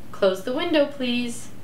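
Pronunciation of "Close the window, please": "Close the window, please" is said as a request with a rising intonation.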